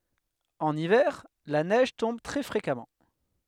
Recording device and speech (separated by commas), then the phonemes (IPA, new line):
headset microphone, read sentence
ɑ̃n ivɛʁ la nɛʒ tɔ̃b tʁɛ fʁekamɑ̃